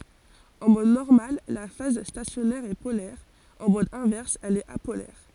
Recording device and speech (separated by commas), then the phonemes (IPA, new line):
forehead accelerometer, read sentence
ɑ̃ mɔd nɔʁmal la faz stasjɔnɛʁ ɛ polɛʁ ɑ̃ mɔd ɛ̃vɛʁs ɛl ɛt apolɛʁ